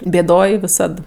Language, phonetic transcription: Lithuanian, bėˈdoj viˈsad

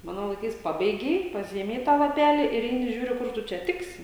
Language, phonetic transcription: Lithuanian, ˈmano laiˈkais ˈpabeigei paˈsiėmei ˈtą laˈpelį ir ˈeini ˈžiūriu ˈkur tu ˈčia ˈtiksi

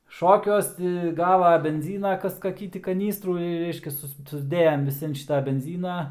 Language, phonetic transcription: Lithuanian, ˈšokiuos ti ˈgava benˈzyna ˈkas kaˈkį ti kaˈnystrų ir ˈreiškias ˈsus susˈdėjam viˈsi an ˈšita benˈzyna

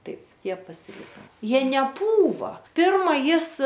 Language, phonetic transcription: Lithuanian, ˈtaip ˈtie pasiˈlika ˈjie neˈpūva ˈpirma ˈjis

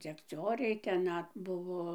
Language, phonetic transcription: Lithuanian, dzekˈcioriai ten ˈnat ˈbuvo

